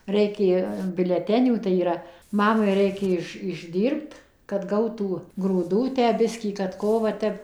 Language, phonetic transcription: Lithuanian, ˈreikė biuleˈtenių tai yˈra ˈmamai ˈreikė iš išˈdyrbt kad ˈgautų grūˈdų ˈtę ˈbiskį kad ˈko va ˈtep

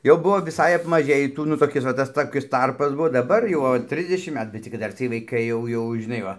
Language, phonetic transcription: Lithuanian, jau ˈbuvo viˈsai apmaˈžėjį ˈtų nu toˈkis va tas toˈkis ˈtarpas ˈbuo daˈbar jau o ˈtrisdešim ˈmetu bet cik kad ˈdar ciej vaiˈkai jau ˈjau žiˈnai ˈva

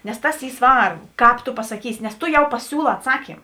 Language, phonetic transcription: Lithuanian, nes ˈtas ˈy ˈsvarbu ˈkāp to pasaˈkysi nes ˈto jau paˈsiūˌlā atˈsakym

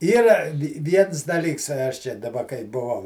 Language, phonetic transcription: Lithuanian, ˈyra ˈviens daˈlyks ˈaš ˈčia daˈba kai buˈvau

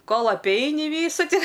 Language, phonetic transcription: Lithuanian, ˈkol apˈeini ˈvysu ti

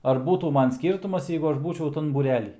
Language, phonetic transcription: Lithuanian, ar ˈbūtų ˈman ˈskyrtumas ˈjeigu ˈaš ˈbūčiau ˈtan būˈrely

